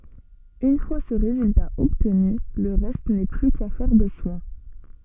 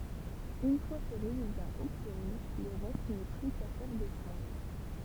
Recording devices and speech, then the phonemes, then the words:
soft in-ear microphone, temple vibration pickup, read sentence
yn fwa sə ʁezylta ɔbtny lə ʁɛst nɛ ply kafɛʁ də swɛ̃
Une fois ce résultat obtenu, le reste n'est plus qu'affaire de soin.

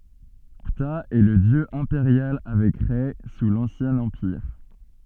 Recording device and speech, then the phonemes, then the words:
soft in-ear microphone, read sentence
pta ɛ lə djø ɛ̃peʁjal avɛk ʁɛ su lɑ̃sjɛ̃ ɑ̃piʁ
Ptah est le dieu impérial avec Rê sous l'Ancien Empire.

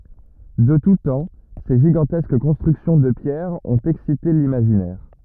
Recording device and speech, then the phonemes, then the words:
rigid in-ear microphone, read sentence
də tu tɑ̃ se ʒiɡɑ̃tɛsk kɔ̃stʁyksjɔ̃ də pjɛʁ ɔ̃t ɛksite limaʒinɛʁ
De tout temps, ces gigantesques constructions de pierre ont excité l'imaginaire.

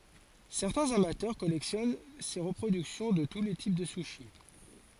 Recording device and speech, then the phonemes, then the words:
forehead accelerometer, read sentence
sɛʁtɛ̃z amatœʁ kɔlɛksjɔn se ʁəpʁodyksjɔ̃ də tu le tip də syʃi
Certains amateurs collectionnent ces reproductions de tous les types de sushis.

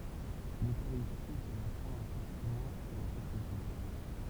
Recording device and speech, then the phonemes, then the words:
temple vibration pickup, read sentence
løkaʁisti ɛt a la fwaz œ̃ sakʁəmɑ̃ e œ̃ sakʁifis
L’Eucharistie est à la fois un sacrement et un sacrifice.

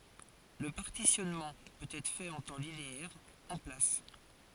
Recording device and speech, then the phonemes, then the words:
forehead accelerometer, read sentence
lə paʁtisjɔnmɑ̃ pøt ɛtʁ fɛt ɑ̃ tɑ̃ lineɛʁ ɑ̃ plas
Le partitionnement peut être fait en temps linéaire, en place.

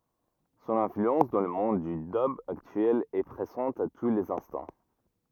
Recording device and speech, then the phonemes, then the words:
rigid in-ear microphone, read sentence
sɔ̃n ɛ̃flyɑ̃s dɑ̃ lə mɔ̃d dy dœb aktyɛl ɛ pʁezɑ̃t a tu lez ɛ̃stɑ̃
Son influence dans le monde du dub actuel est présente à tous les instants.

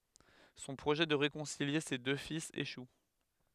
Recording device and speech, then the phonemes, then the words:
headset microphone, read sentence
sɔ̃ pʁoʒɛ də ʁekɔ̃silje se dø filz eʃu
Son projet de réconcilier ses deux fils échoue.

